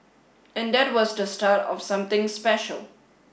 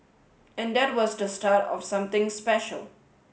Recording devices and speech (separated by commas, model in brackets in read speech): boundary microphone (BM630), mobile phone (Samsung S8), read sentence